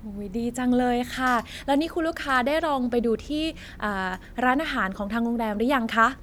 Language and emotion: Thai, happy